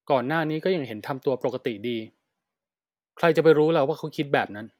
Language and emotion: Thai, neutral